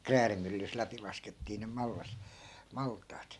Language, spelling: Finnish, kräädimyllystä läpi laskettiin ne mallas maltaat
- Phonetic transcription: "kräärimyllys 'läpi laskettii nem 'mallas , 'malt̆taat .

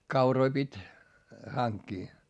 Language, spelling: Finnish, kauroja piti hankkia
- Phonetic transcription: kauroi pit́ , haŋkkii .

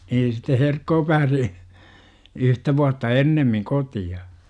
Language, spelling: Finnish, niin sitten Herkko pääsi yhtä vuotta ennemmin kotiin
- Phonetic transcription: niin sitte "Herkkoo pääsi , 'yhtä vuatta "ennemmiŋ 'koti₍a .

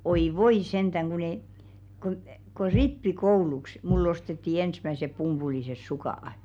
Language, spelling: Finnish, oi voi sentään kun - kun kun rippikouluksi minulle ostettiin ensimmäiset pumpuliset sukat
- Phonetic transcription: 'oi "voi 'sentäŋ kun ‿e- , ku , ku "rippi'kouluks , mul'l ‿ostetti 'ensmäsep 'pumpulises 'suka₍ᵃ .

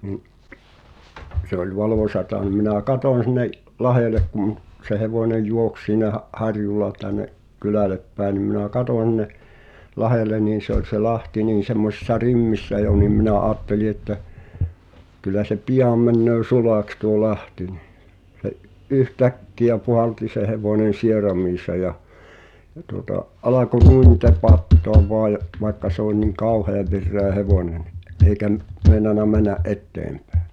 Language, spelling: Finnish, niin se oli valoisaa niin minä katsoin sinne lahdelle kun se hevonen juoksi siinä harjulla tänne kylälle päin niin minä katsoin sinne lahdelle niin se oli se lahti niin semmoisissa rimmissä jo niin minä ajattelin että kyllä se pian menee sulaksi tuo lahti niin se yhtäkkiä puhalsi se hevonen sieraimiinsa ja ja tuota alkoi tepattaa vain vaikka se oli niin kauhean vireä hevonen no eikä - meinannut mennä eteenpäin
- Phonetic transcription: ni’ , se ‿oĺ 'valòśata ni minä̀ "katòⁱn sinne’ , 'lahèlek kum , se 'hevònej̆ 'juoks siinä’ , '’harju(l̆la) tän̆ne’ , "kylä̀lep pä̀e nim minä "katòń h̳in̆ne , 'lahelen niin̬ se ‿oĺ se 'lahti niin̬ semmosⁱssa "rimmissä jo nim minä 'aatteli että , kyl̆lä se "piʲàm männöö "sulàks tuo 'lahti nɪh , se’ , '’yh"täkki₍ä 'puhalti se 'hevònen̬ 'sieram̀iisa ja , ʲᵃ tuŏta , 'alako (te'pattoav) voaj , vaikka se ‿oĺ niŋ "kàuheav virreä 'hevòne nⁱ , ’eikä m- , 'mèi̬nana män̆nä’ "’etteempᴀ̈ᴀ̈ .

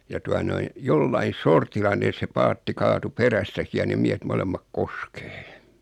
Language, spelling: Finnish, ja tuota noin jollakin sortilla ne se paatti kaatui perästäkin ja ne miehet molemmat koskeen
- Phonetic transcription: ja 'tua noin̬ , 'jollain̬ "sortilla 'ne se 'paatti 'kaatu "perästäki ja nem 'miähet 'molemmak "koskᴇᴇ .

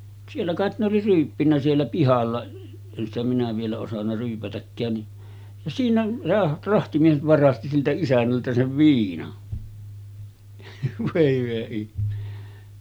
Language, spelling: Finnish, siellä kai ne oli ryyppinyt siellä pihalla en sitä minä vielä osannut ryypätäkään niin ja siinä se rahtimies varasti siltä isännältä sen viinan voi hyvä ihme
- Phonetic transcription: 'siellä kàet ne oli ryyppinnä 'siellä "pihalla , en ‿stä minä vielä osanna 'ryypätäkkään ni , ja 'siinä , se 'rahtimies 'varasti siltä 'isännältä sev 'viinan , vòe hyvä ihme .

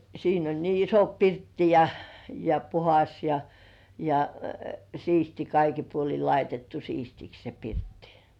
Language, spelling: Finnish, siinä oli niin iso pirtti ja ja puhdas ja ja siisti kaikin puolin laitettu siistiksi se pirtti
- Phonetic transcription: siin ‿oĺ nii 'iso "pirtti ja , ja "puhas ja , ja "siisti 'kaiki puoli laitettu "siistiks se 'pirttɪ .

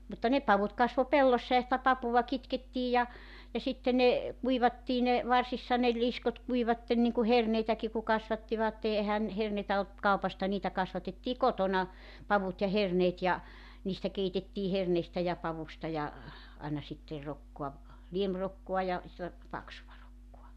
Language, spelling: Finnish, mutta ne pavut kasvoi pellossa ja sitä papua kitkettiin ja ja sitten ne kuivattiin ne varsissa ne liskot kuivuivat niin kuin herneitäkin kun kasvattivat eihän herneitä ollut kaupasta niitä kasvatettiin kotona pavut ja herneet ja niistä keitettiin herneistä ja pavusta ja aina sitten rokkaa liemirokkaa ja sellaista paksua rokkaa
- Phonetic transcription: mutta 'ne 'pavut kasvo "pellossa ja sitä 'papuva 'kitkettiij ja , ja 'sitte ne , 'kuivattii ne , 'varsissa ne 'liskot 'kuivatten niŋku 'herneitäki ku 'kasvattivatte ehän , 'herneitä olt , 'kaupasta 'niitä 'kasvatettii "kotona , 'pavut ja 'herneet ja , niistä 'keitettii 'herneistä ja 'pavusta ja , 'aina sitte , 'rokkoa , 'liemrokkoa ja , sella(sta) 'paksuva rokkua .

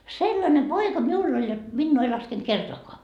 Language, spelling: Finnish, sellainen poika minulla oli jotta minua ei laskenut kertaakaan
- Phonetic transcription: "sellane 'poika 'miull ‿oĺ jot , 'minnuu ei 'laskent "kertoakoa .

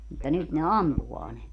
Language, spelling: Finnish, mutta nyt ne ampuu ne
- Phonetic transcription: mutta 'nyt ne "ampuvaa ne .

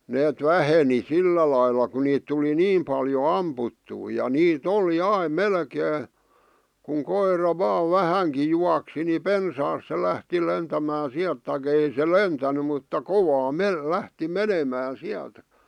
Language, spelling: Finnish, ne väheni sillä lailla kun niitä tuli niin paljon ammuttua ja niitä oli aina melkein kun koira vain vähänkin juoksi niin pensaasta se lähti lentämään sieltä tai ei se lentänyt mutta kovaa - lähti menemään sieltä
- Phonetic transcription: neet "väheni "sillä lailla ku niit tuli "niim paljo "amputtuu ja 'nii"t ‿oli "aim "melkee , kuŋ 'koir̀a "vaa "vähäŋki juaksi ni "pensaas se lähti lentämää 'siält tai'k ‿ei se "lentäny mutta "kovaa "me- 'lähti "menemää "siältᴀ̈ .

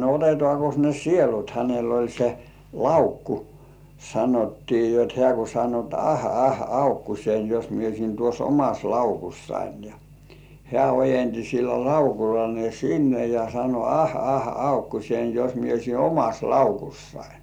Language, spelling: Finnish, no otetaankos ne sielut hänellä oli se laukku sanottiin jotta hän kun sanoi jotta ah ah laukkuseni jos minä olisin tuossa omassa laukussani ja hän ojensi sillä laukulla ne sinne ja sanoi ah ah laukkuseni jos minä olisin omassa laukussani
- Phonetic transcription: » no 'otetŏàkos ne "sielut « hänel ‿oĺ se "laukku , sanottii jot hĕä̀ ku 'sano ‿t » 'ah 'ah "aukkusein jos mie oisin tuos "omas 'laukussain « ja , hĕä̀ ojenti sillä "laukula ne 'sinne ja sano » 'ah 'ah 'aukkusein jos mie oisi "omas 'laukussain « .

